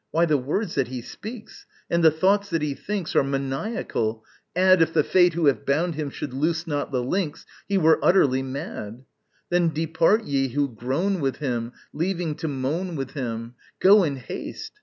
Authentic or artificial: authentic